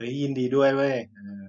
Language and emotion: Thai, neutral